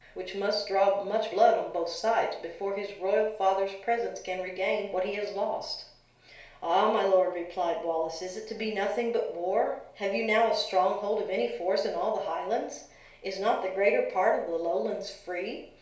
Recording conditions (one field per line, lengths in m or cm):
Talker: one person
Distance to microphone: 1.0 m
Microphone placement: close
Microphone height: 1.1 m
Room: small (3.7 m by 2.7 m)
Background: none